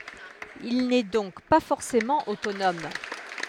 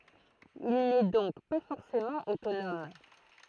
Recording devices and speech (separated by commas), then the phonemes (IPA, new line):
headset microphone, throat microphone, read sentence
il nɛ dɔ̃k pa fɔʁsemɑ̃ otonɔm